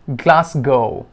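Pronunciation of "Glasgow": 'Glasgow' is pronounced correctly here.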